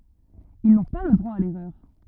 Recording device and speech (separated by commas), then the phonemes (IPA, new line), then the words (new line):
rigid in-ear microphone, read sentence
il nɔ̃ pa lə dʁwa a lɛʁœʁ
Ils n'ont pas le droit à l'erreur.